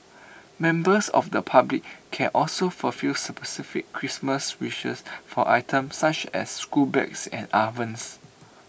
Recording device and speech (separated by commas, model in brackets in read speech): boundary microphone (BM630), read sentence